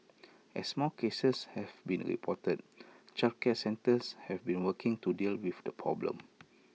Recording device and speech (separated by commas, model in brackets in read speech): mobile phone (iPhone 6), read sentence